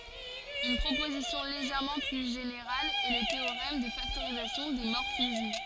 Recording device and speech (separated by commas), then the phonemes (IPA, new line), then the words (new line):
forehead accelerometer, read sentence
yn pʁopozisjɔ̃ leʒɛʁmɑ̃ ply ʒeneʁal ɛ lə teoʁɛm də faktoʁizasjɔ̃ de mɔʁfism
Une proposition légèrement plus générale est le théorème de factorisation des morphismes.